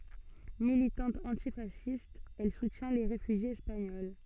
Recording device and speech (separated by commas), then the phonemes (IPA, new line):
soft in-ear microphone, read sentence
militɑ̃t ɑ̃tifasist ɛl sutjɛ̃ le ʁefyʒjez ɛspaɲɔl